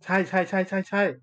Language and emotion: Thai, happy